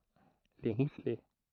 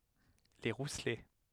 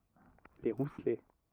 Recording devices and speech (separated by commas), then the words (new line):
throat microphone, headset microphone, rigid in-ear microphone, read sentence
Les Rousselets.